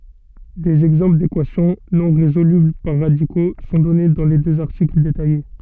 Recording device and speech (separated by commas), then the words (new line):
soft in-ear microphone, read sentence
Des exemples d'équations non résolubles par radicaux sont donnés dans les deux articles détaillés.